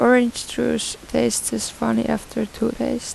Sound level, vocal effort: 80 dB SPL, soft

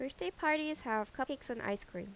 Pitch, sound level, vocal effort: 260 Hz, 83 dB SPL, normal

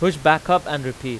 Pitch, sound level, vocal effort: 155 Hz, 96 dB SPL, loud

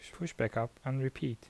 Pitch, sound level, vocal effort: 130 Hz, 75 dB SPL, soft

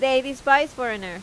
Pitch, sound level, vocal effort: 260 Hz, 93 dB SPL, very loud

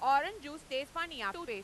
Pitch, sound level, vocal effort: 280 Hz, 104 dB SPL, very loud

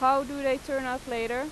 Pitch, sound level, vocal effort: 265 Hz, 93 dB SPL, loud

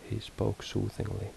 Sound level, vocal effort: 69 dB SPL, soft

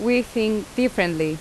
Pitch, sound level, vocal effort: 220 Hz, 83 dB SPL, loud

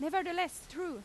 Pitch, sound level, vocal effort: 355 Hz, 95 dB SPL, very loud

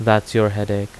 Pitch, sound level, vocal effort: 105 Hz, 84 dB SPL, normal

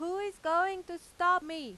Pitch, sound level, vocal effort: 350 Hz, 99 dB SPL, very loud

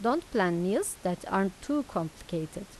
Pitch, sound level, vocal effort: 185 Hz, 84 dB SPL, normal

